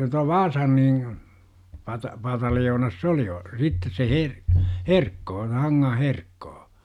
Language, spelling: Finnish, tuo Vaasan niin - pataljoonassa se oli - sitten se - Herkko se Hangan Herkko
- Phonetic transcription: tua "Vaasan niiŋ , pata- 'pataljoonas "s ‿oli ol- , 'sittes se "Her- , "Herkkoo (se) 'Haŋŋah "Herkkoo .

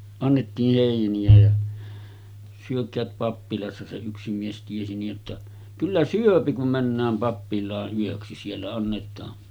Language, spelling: Finnish, annettiin heiniä ja syökää pappilassa se yksi mies tiesi niin jotta kyllä syö kun mennään pappilaan yöksi siellä annetaan
- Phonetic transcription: annettiih 'hèini₍ä ja » 'syök̆käät 'pappilassa « se yksi mies 'tiesi nij jotta , » "kyllä "syöpi kum männääm 'pappil̆laa’ ’yöksi siellä annet̆taa .

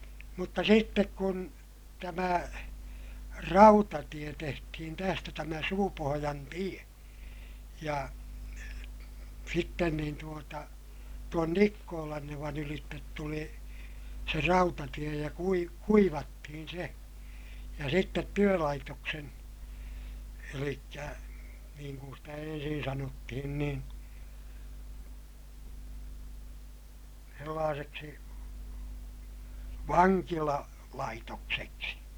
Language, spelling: Finnish, mutta sitten kun tämä rautatie tehtiin tästä tämä Suupohjan tie ja sitten niin tuota tuon Nikkolannevan ylitse tuli se rautatie ja - kuivattiin se ja sitten työlaitoksen eli niin kuin sitä ensin sanottiin niin sellaiseksi - vankilalaitokseksi
- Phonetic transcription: mutta sittek kun , tämä , rautatie tehtihin tästä tämä Suupohojan tie , ja , sitten niin tuota , tuon Nikkoolannevan ‿ylittet tuli , se rautatie ja kui- , kuivattihin̬ se , ja sittet työlaitoksen , elikkä , niiŋ kun stä ensin sanottihin nin̬ , sellaaseksi , vaŋkila- , -laitokseksi .

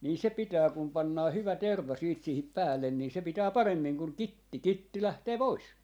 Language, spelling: Finnish, niin se pitää kun pannaan hyvä terva sitten siihen päälle niin se pitää paremmin kuin kitti kitti lähtee pois
- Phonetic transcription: nii 'se "pitää kum 'pannaa 'hyvä 'terv̆va siit siihip 'päällen nii se 'pitää "paremmiŋ kuŋ "kitti , 'kitti 'lähtee "pois .

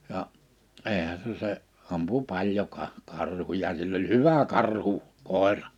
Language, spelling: Finnish, ja eihän se se ampui paljon - karhuja sillä oli hyvä - karhukoira
- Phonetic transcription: 'ja' , 'eehä se se , 'ampu 'paljo ka- , 'karhuja sill ‿oĺ "huvä 'karhu- , -'kòerᴀ .

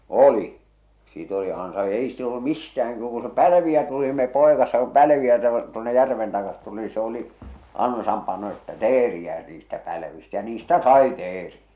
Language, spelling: Finnish, oli sitten oli - ei sitä ollut mistään kyllä kun se pälviä tuli no me paikassa kun pälviä taa tuonne järven taakse tuli se oli ansan pano että teeriä niistä pälvistä ja niistä sai teeriä
- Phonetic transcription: oli , sit ‿oli ansa- , ei sit ‿ollu "mistä₍äŋ (kyllä ku) se "pälᵃ̈viä tuli ⁿⁱ me 'pòekassa ku 'pälviä (taka) 'tuonne "järven takat tuli se ‿oli , 'ansam pano että "teeriä niistä 'päivistä ja 'niistä "sai "teeriᴀ̈ .

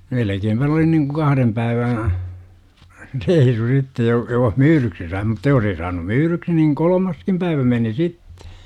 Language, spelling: Finnish, melkeinpä ne oli niin kuin kahden päivän reissu sitten jos jos myydyksi sai mutta jos ei saanut myydyksi niin kolmaskin päivä meni sitten
- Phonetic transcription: melekeempä n ‿oli niŋku 'kahrem päivää̰ , "reisu 'sitte joh , 'joh "myyryksi sai mutta 'jos ei saanum 'myyryksi niŋ "kolomaskim päivä 'meni "sittE .

